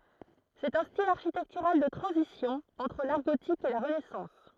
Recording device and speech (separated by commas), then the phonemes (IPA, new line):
throat microphone, read sentence
sɛt œ̃ stil aʁʃitɛktyʁal də tʁɑ̃zisjɔ̃ ɑ̃tʁ laʁ ɡotik e la ʁənɛsɑ̃s